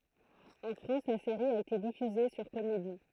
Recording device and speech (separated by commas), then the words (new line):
throat microphone, read sentence
En France, la série a été diffusée sur Comédie.